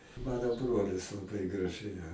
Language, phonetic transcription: Lithuanian, ˈmano ˈbrolis laˈbai graˈžiai a

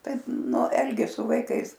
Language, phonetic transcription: Lithuanian, ˈtaip ˈnu ˈelgės su vaiˈkais

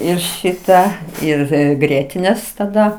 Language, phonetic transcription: Lithuanian, ˈir ˈšitą ˈir ˈgrietinės taˈda

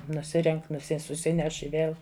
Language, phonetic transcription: Lithuanian, nuˈsirenk' nuˈsi suˈsineš i ˈvėl

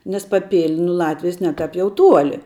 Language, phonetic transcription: Lithuanian, nes paˈpil' nu ˈlatvijas ˈne tāp ˈjau ˈtuoli

